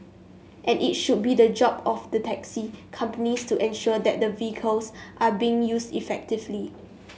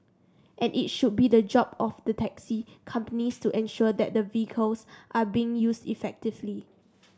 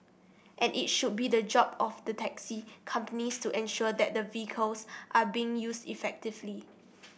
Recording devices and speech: mobile phone (Samsung S8), standing microphone (AKG C214), boundary microphone (BM630), read sentence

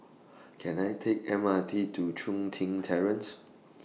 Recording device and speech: mobile phone (iPhone 6), read sentence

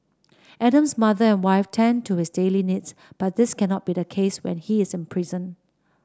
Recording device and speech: standing microphone (AKG C214), read sentence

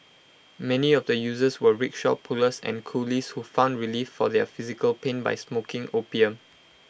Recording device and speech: boundary microphone (BM630), read sentence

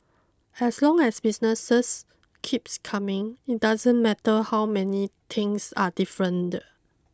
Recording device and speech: close-talking microphone (WH20), read sentence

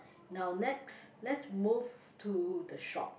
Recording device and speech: boundary microphone, conversation in the same room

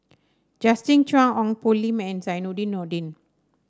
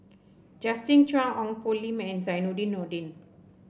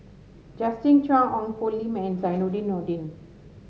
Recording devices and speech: standing microphone (AKG C214), boundary microphone (BM630), mobile phone (Samsung S8), read sentence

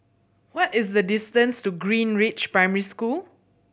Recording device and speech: boundary microphone (BM630), read sentence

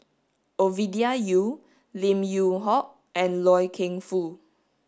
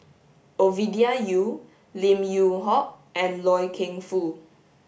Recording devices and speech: standing microphone (AKG C214), boundary microphone (BM630), read sentence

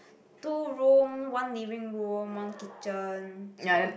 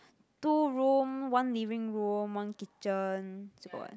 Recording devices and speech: boundary microphone, close-talking microphone, conversation in the same room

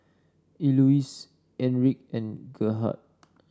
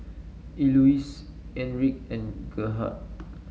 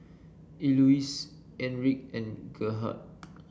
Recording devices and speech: standing microphone (AKG C214), mobile phone (Samsung S8), boundary microphone (BM630), read sentence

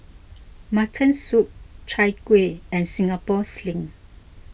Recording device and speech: boundary microphone (BM630), read sentence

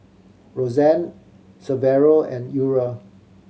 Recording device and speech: mobile phone (Samsung C7100), read sentence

